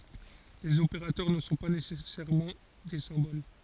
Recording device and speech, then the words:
forehead accelerometer, read sentence
Les opérateurs ne sont pas nécessairement des symboles.

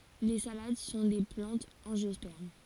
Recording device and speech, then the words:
forehead accelerometer, read sentence
Les salades sont des plantes angiospermes.

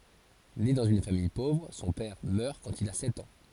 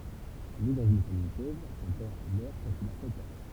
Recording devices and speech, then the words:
forehead accelerometer, temple vibration pickup, read sentence
Né dans une famille pauvre, son père meurt quand il a sept ans.

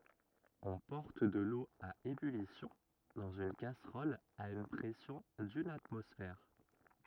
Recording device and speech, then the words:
rigid in-ear microphone, read sentence
On porte de l'eau à ébullition dans une casserole à une pression d'une atmosphère.

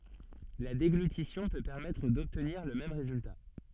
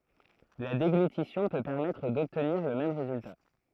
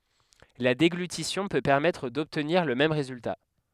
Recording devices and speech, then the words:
soft in-ear microphone, throat microphone, headset microphone, read sentence
La déglutition peut permettre d'obtenir le même résultat.

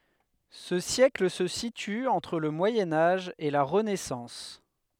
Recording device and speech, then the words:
headset microphone, read sentence
Ce siècle se situe entre le Moyen Âge et la Renaissance.

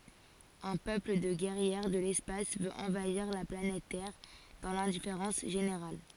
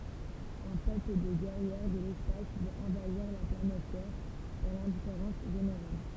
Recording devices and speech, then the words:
forehead accelerometer, temple vibration pickup, read sentence
Un peuple de guerrières de l'espace veut envahir la planète Terre dans l'indifférence générale.

